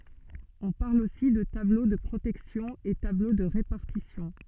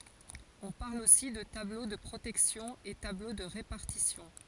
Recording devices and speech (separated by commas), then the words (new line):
soft in-ear microphone, forehead accelerometer, read sentence
On parle aussi de tableau de protection et tableau de répartition.